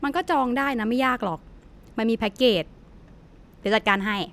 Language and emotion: Thai, frustrated